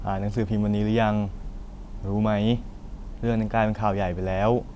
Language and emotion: Thai, neutral